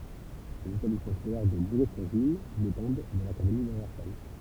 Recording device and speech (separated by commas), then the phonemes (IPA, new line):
temple vibration pickup, read sentence
lez etablismɑ̃ skolɛʁ də buʁɛzyʁʒyin depɑ̃d də lakademi də vɛʁsaj